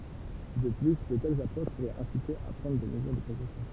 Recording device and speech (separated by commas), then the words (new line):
temple vibration pickup, read sentence
De plus, de telles approches pourraient inciter à prendre des mesures de précaution.